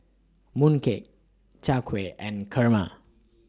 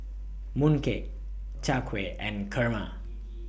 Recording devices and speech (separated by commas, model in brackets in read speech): standing microphone (AKG C214), boundary microphone (BM630), read sentence